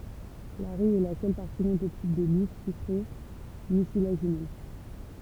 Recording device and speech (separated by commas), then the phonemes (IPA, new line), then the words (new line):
temple vibration pickup, read sentence
laʁij ɛ la sœl paʁti nɔ̃ toksik də lif sykʁe mysilaʒinøz
L'arille est la seule partie non toxique de l'if, sucrée, mucilagineuse.